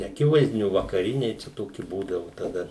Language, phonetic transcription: Lithuanian, neaˈkivaizdiniu vakaˈriniai čia ˈtoki ˈbūdavu taˈda

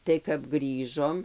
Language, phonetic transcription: Lithuanian, tai kap ˈgrįžom

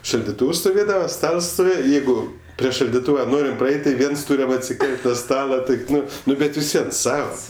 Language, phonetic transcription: Lithuanian, šaldiˈtūvs stoˈvėdava ˈstals stoˈvėje ˈjeigu prie šaldiˈtūva ˈnorim praˈeit' tai ˈviens ˈtūriam atsiˈkel't' nu ˈstala ˈtaip ˈnu ˈnu ˈbet visˈvien ˈsava

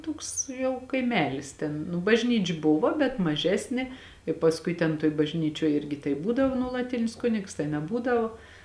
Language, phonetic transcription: Lithuanian, ˈtoks jau kaiˈmelis ˈten nu bažˈnyč' ˈbuva bet maˈžesnė i pasˈkui ten toj bažˈnyčioj ˈirgi tai ˈbūdavo nuolaˈtinis ˈkunigs tai neˈbūdavo

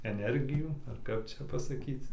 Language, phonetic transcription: Lithuanian, eˈnergijų ar ˈkap ˈčia pasaˈkyc

